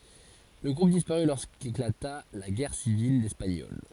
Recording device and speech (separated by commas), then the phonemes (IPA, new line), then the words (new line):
forehead accelerometer, read sentence
lə ɡʁup dispaʁy loʁskeklata la ɡɛʁ sivil ɛspaɲɔl
Le groupe disparut lorsqu'éclata la Guerre civile espagnole.